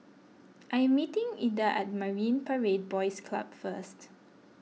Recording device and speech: mobile phone (iPhone 6), read sentence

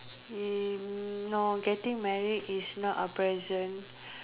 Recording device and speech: telephone, conversation in separate rooms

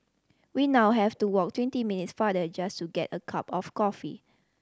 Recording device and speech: standing microphone (AKG C214), read sentence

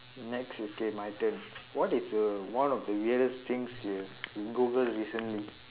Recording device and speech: telephone, conversation in separate rooms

